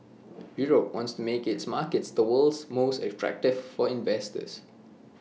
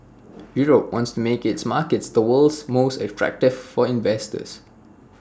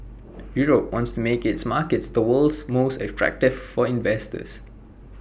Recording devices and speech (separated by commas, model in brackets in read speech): mobile phone (iPhone 6), standing microphone (AKG C214), boundary microphone (BM630), read sentence